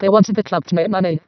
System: VC, vocoder